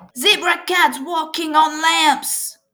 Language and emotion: English, happy